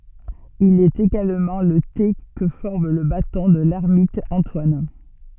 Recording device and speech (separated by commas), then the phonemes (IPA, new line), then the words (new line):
soft in-ear microphone, read sentence
il ɛt eɡalmɑ̃ lə te kə fɔʁm lə batɔ̃ də lɛʁmit ɑ̃twan
Il est également le T que forme le Bâton de l'ermite Antoine.